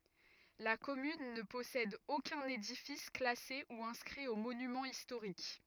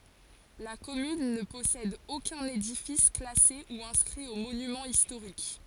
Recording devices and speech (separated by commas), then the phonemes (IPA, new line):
rigid in-ear microphone, forehead accelerometer, read sentence
la kɔmyn nə pɔsɛd okœ̃n edifis klase u ɛ̃skʁi o monymɑ̃z istoʁik